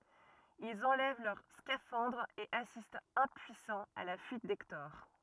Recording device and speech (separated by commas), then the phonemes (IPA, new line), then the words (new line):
rigid in-ear microphone, read sentence
ilz ɑ̃lɛv lœʁ skafɑ̃dʁz e asistt ɛ̃pyisɑ̃z a la fyit dɛktɔʁ
Ils enlèvent leurs scaphandres et assistent impuissants à la fuite d’Hector.